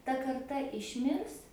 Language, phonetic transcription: Lithuanian, ta karˈta išˈmirs

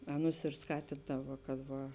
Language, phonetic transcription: Lithuanian, ˈaˌnus ir ˈskatindava kad ˈva

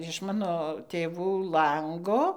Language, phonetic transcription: Lithuanian, iš ˈmano tėˈvų ˈlango

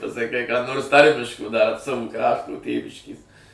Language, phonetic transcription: Lithuanian, pasaˈkai ką nors ˈtarmiško dar ˈsavu ˈkraštu ˈtėviškės

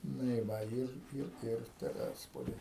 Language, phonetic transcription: Lithuanian, ˈnu i ˈva ˈir ˈir ˈir teˈrespoly

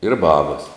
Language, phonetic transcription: Lithuanian, ir ˈbabas

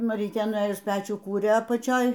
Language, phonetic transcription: Lithuanian, maˈrytė nuˈėjus ˈpečių ˈkūrė apaˈčioj

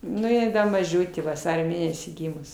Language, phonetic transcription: Lithuanian, ˈnu ji ˈda maˈžiutė vaˈsario ˈmėnesį ˈgymus

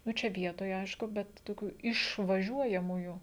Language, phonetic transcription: Lithuanian, ˈnu ˈčia ˈvietoj ˈaišku ˈbet toˈkių išvaˈžiuojamųjų

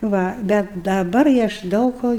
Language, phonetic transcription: Lithuanian, ˈva ˈbet daˈbar i ˈaš ˈdaug ko

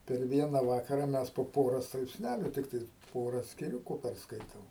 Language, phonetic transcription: Lithuanian, per ˈviena ˈvakara ˈmes po ˈpora straipsˈnæliu ˈtiktais ˈpora skiˈriuku persˈkaitom

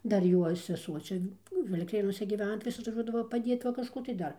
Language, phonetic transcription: Lithuanian, ˈdar ˈjuo seˈsuo ˈčia ˈnu vilˈkėnuose gyˈvena tai ˈvis atvaˈžuodavo paˈdiet va kažˈkų tai ˈdar

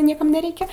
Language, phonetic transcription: Lithuanian, ˈniekam neˈreikia

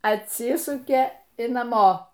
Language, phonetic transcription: Lithuanian, atˈsisukė i naˈmo

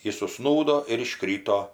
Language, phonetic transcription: Lithuanian, ˈjis uˈžsnūdo ir iˈškryto

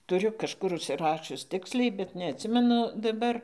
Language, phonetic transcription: Lithuanian, tuˈriu kažˈkur užsiˈrašius ˈtiksliai bet neatˈsimenu daˈbar

